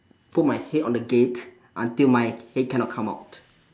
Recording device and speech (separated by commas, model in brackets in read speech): standing microphone, conversation in separate rooms